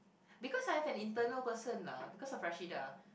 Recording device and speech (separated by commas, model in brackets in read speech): boundary microphone, conversation in the same room